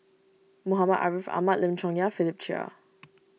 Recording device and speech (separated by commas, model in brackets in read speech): mobile phone (iPhone 6), read sentence